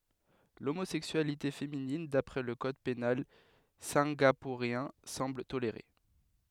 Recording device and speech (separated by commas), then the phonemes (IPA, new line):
headset microphone, read sentence
lomozɛksyalite feminin dapʁɛ lə kɔd penal sɛ̃ɡapuʁjɛ̃ sɑ̃bl toleʁe